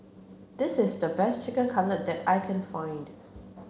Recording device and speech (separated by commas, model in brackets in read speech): mobile phone (Samsung C7), read sentence